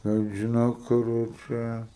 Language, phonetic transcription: Lithuanian, ˈtai žiˈnok ˈkur ˈčia

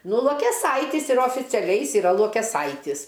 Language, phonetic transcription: Lithuanian, ˈnu luokeˈsaitis ir oficiaˈliai ˈjis yˈra luokeˈsaitis

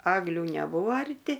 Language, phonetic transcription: Lithuanian, ˈagliu neˈbūo arˈti

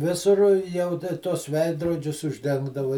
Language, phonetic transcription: Lithuanian, ˈvisur ˈjau ta tuos ˈveidrodžius užˈdengdavai

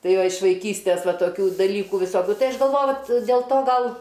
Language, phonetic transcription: Lithuanian, ˈtai ˈva iš vaiˈkystės ˈva toˈkių daˈlykų viˈsokiu ˈtai ˈaš galˈvoju dėl ˈto ˈgal

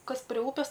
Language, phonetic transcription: Lithuanian, ˈkas pri ˈūpis

